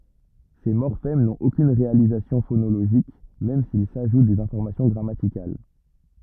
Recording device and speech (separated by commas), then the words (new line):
rigid in-ear microphone, read sentence
Ces morphèmes n’ont aucune réalisation phonologique même s’ils ajoutent des informations grammaticales.